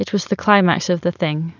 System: none